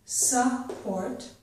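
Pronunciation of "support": This is an incorrect way of saying 'sport': an uh vowel sound comes between the s and the p instead of the two sounds being squeezed together.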